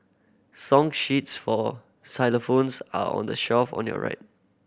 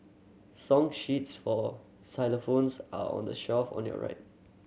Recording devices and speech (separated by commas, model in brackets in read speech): boundary microphone (BM630), mobile phone (Samsung C7100), read sentence